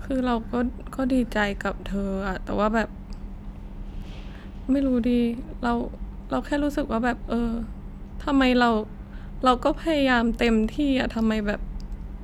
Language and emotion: Thai, sad